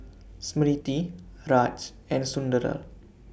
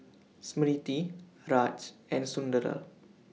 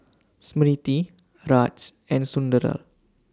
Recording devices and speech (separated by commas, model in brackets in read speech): boundary microphone (BM630), mobile phone (iPhone 6), standing microphone (AKG C214), read sentence